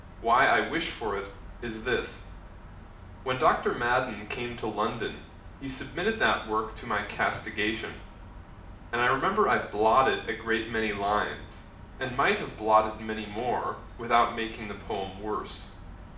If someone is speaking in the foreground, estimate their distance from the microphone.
2.0 m.